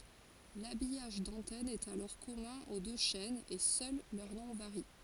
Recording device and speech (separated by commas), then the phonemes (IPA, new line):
forehead accelerometer, read sentence
labijaʒ dɑ̃tɛn ɛt alɔʁ kɔmœ̃ o dø ʃɛnz e sœl lœʁ nɔ̃ vaʁi